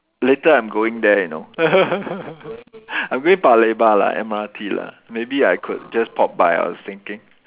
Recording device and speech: telephone, conversation in separate rooms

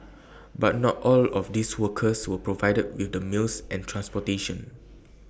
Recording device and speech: boundary microphone (BM630), read sentence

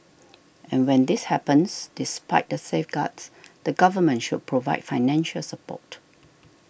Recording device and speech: boundary microphone (BM630), read sentence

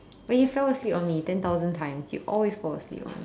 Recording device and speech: standing microphone, conversation in separate rooms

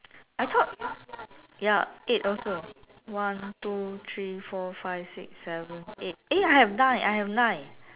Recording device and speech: telephone, conversation in separate rooms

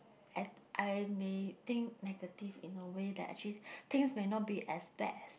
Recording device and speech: boundary microphone, conversation in the same room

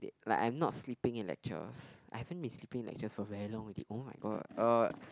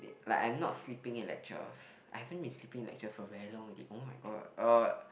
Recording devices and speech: close-talking microphone, boundary microphone, conversation in the same room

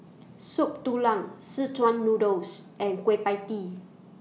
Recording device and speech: mobile phone (iPhone 6), read sentence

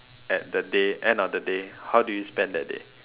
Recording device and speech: telephone, conversation in separate rooms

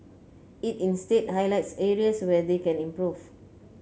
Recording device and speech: mobile phone (Samsung C9), read sentence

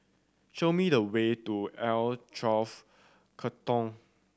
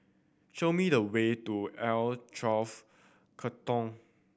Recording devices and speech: standing microphone (AKG C214), boundary microphone (BM630), read sentence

